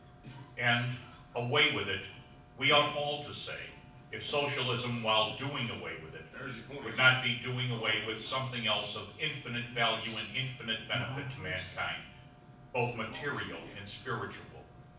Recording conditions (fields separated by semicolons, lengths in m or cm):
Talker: one person; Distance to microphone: 5.8 m; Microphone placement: far; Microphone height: 1.8 m; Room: medium-sized (5.7 m by 4.0 m); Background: television